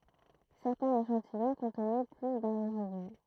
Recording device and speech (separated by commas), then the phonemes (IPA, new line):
throat microphone, read sentence
sɛʁtɛ̃z eʃɑ̃tijɔ̃ kɔ̃tnɛ ply dœ̃ ʁezidy